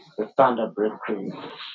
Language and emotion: English, angry